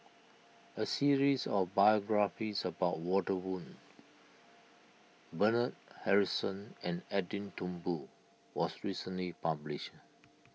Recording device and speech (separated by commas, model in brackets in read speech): mobile phone (iPhone 6), read sentence